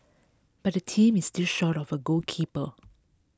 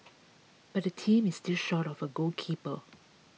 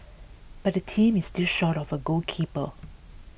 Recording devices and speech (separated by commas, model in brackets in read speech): close-talking microphone (WH20), mobile phone (iPhone 6), boundary microphone (BM630), read sentence